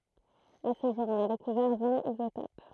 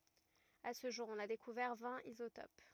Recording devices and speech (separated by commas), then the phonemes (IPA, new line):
throat microphone, rigid in-ear microphone, read sentence
a sə ʒuʁ ɔ̃n a dekuvɛʁ vɛ̃t izotop